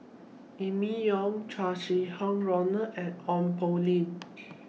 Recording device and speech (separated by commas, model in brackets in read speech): mobile phone (iPhone 6), read sentence